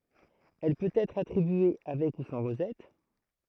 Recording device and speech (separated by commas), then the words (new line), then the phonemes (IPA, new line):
throat microphone, read sentence
Elle peut être attribué avec ou sans rosette.
ɛl pøt ɛtʁ atʁibye avɛk u sɑ̃ ʁozɛt